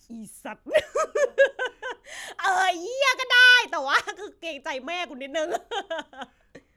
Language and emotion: Thai, happy